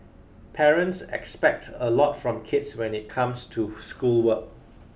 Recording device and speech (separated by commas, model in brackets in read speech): boundary microphone (BM630), read sentence